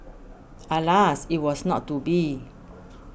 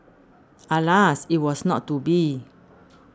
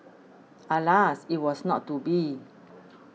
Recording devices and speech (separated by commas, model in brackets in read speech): boundary microphone (BM630), standing microphone (AKG C214), mobile phone (iPhone 6), read sentence